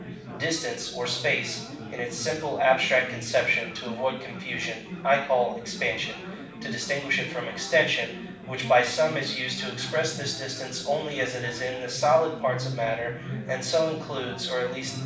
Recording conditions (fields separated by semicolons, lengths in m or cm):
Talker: one person; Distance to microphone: 5.8 m; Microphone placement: far; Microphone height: 1.8 m; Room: medium-sized (5.7 m by 4.0 m); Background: babble